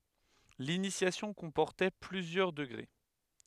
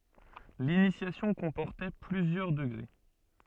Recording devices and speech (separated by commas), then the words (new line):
headset microphone, soft in-ear microphone, read sentence
L'initiation comportait plusieurs degrés.